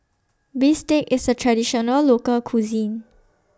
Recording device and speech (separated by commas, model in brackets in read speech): standing microphone (AKG C214), read sentence